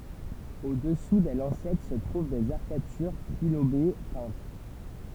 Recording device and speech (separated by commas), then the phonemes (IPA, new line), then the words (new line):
temple vibration pickup, read sentence
odɛsu de lɑ̃sɛt sə tʁuv dez aʁkatyʁ tʁilobe pɛ̃t
Au-dessous des lancettes se trouvent des arcatures trilobées peintes.